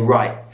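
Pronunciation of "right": The t sound at the end of 'right' is dropped, so it is not pronounced.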